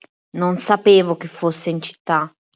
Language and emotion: Italian, angry